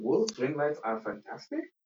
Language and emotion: English, surprised